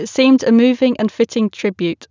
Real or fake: real